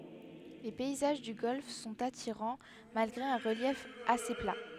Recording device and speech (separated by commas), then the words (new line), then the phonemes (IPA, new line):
headset microphone, read sentence
Les paysages du golfe sont attirants, malgré un relief assez plat.
le pɛizaʒ dy ɡɔlf sɔ̃t atiʁɑ̃ malɡʁe œ̃ ʁəljɛf ase pla